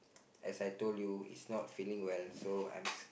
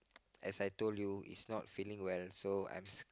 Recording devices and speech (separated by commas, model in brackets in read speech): boundary microphone, close-talking microphone, conversation in the same room